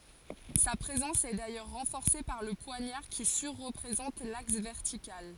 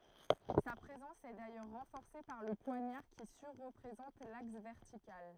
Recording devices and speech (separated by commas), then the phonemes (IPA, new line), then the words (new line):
forehead accelerometer, throat microphone, read sentence
sa pʁezɑ̃s ɛ dajœʁ ʁɑ̃fɔʁse paʁ lə pwaɲaʁ ki syʁ ʁəpʁezɑ̃t laks vɛʁtikal
Sa présence est d’ailleurs renforcée par le poignard qui sur-représente l’axe vertical.